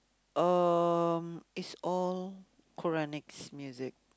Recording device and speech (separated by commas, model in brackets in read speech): close-talking microphone, conversation in the same room